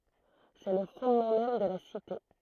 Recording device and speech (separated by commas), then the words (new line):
throat microphone, read sentence
C'est le fondement même de la Cité.